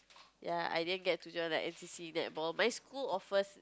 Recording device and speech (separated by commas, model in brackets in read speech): close-talking microphone, conversation in the same room